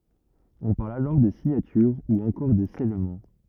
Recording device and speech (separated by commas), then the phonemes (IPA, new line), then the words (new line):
rigid in-ear microphone, read sentence
ɔ̃ paʁl alɔʁ də siɲatyʁ u ɑ̃kɔʁ də sɛlmɑ̃
On parle alors de signature ou encore de scellement.